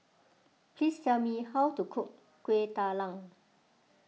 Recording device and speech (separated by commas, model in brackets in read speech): mobile phone (iPhone 6), read sentence